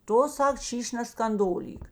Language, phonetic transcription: Lithuanian, ˈtu ˈsak ˈšyš' neskanˈdolyk

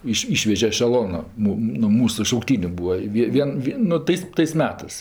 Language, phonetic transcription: Lithuanian, ˈyš ˈyšveže ešeˈlonu ˈmu nu ˈmūsu šaukˈtyniu ˈbūa i ˈvie ˈvien ˈvi nu ˈtais tais ˈmetɜs

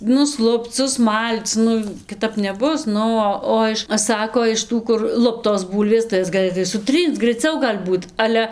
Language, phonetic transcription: Lithuanian, nusˈlupc susˈmal'c ˈnu kiˈtap neˈbus ˈnu o ˈo iš ˈsako iš ˈtų kur ˈluptos ˈbūlvės tai ˈjas gaˈlɘtai suˈtrync graiˈciau gal' ˈbūt ˈale

